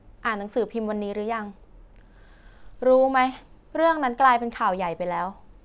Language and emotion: Thai, frustrated